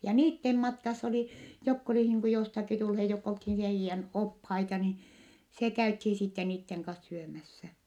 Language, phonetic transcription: Finnish, ja niittem matkass ‿oli , jokk ‿oli niiŋ ku jostaki tulhe jokk ‿olthin heijjän ophaita ni , se käythi sitte niitteŋ kas syömässä .
- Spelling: ja niiden matkassa oli jotka oli niin kuin jostakin tulleet jotka oltiin heidän oppaita niin se käytiin sitten niiden kanssa syömässä

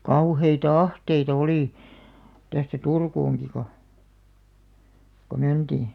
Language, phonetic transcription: Finnish, 'kauheita "ahteitᵃ 'olì , tästä "Turkuuŋki ko , ko 'məntì .
- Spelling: kauheita ahteita oli tästä Turkuunkin kun kun mentiin

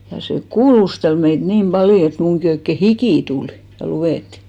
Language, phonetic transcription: Finnish, ja se "kuulustel meit "nim ʙaljo et 'muŋki oikke "hikì 'tul , ja 'luʷèttɪ .
- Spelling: ja se kuulusteli meitä niin paljon että minunkin oikein hiki tuli ja luetti

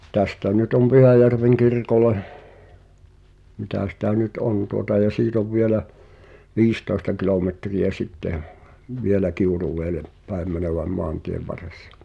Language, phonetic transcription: Finnish, 'tästä nyt om "Pyhäjärveŋ 'kirkole , mitä sitä 'nyt "on tuota ja 'siit ‿ov vielä , "viistòesta kilòmetri₍ä 'sitte ʰ , "vielä 'Kiuruẁeelep päem mänöväm 'moantiev var̆ressᴀ .
- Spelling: tästä nyt on Pyhäjärven kirkolle mitä sitä nyt on tuota ja siitä on vielä viisitoista kilometriä sitten - vielä Kiuruvedelle päin menevän maantien varressa

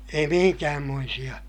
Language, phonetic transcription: Finnish, ei mihiŋkäämmoisiʲa .
- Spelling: ei minkäänmoisia

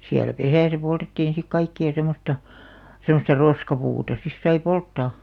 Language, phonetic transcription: Finnish, 'siälᵃ̈ "pesä̀sä poltettiin̬ sik "kaikki₍a 'semosta , semosta "roskapuuta 'sis sai "polttà .
- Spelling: siellä pesässä poltettiin sitten kaikkia semmoista semmoista roskapuuta sitten sai polttaa

